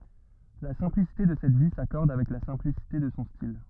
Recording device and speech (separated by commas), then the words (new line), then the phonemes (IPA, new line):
rigid in-ear microphone, read sentence
La simplicité de cette vie s'accorde avec la simplicité de son style.
la sɛ̃plisite də sɛt vi sakɔʁd avɛk la sɛ̃plisite də sɔ̃ stil